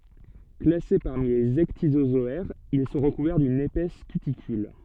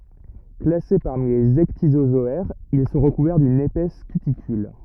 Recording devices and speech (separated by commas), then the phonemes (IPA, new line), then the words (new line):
soft in-ear microphone, rigid in-ear microphone, read sentence
klase paʁmi lez ɛkdizozɔɛʁz il sɔ̃ ʁəkuvɛʁ dyn epɛs kytikyl
Classés parmi les ecdysozoaires, ils sont recouverts d'une épaisse cuticule.